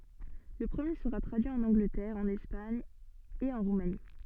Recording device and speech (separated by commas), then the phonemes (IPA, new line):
soft in-ear microphone, read sentence
lə pʁəmje səʁa tʁadyi ɑ̃n ɑ̃ɡlətɛʁ ɑ̃n ɛspaɲ e ɑ̃ ʁumani